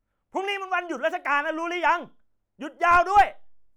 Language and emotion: Thai, angry